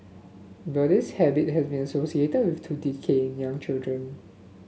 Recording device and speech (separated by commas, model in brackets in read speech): mobile phone (Samsung S8), read sentence